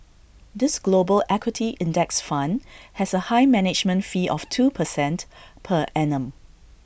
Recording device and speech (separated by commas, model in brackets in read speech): boundary microphone (BM630), read sentence